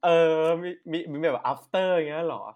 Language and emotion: Thai, happy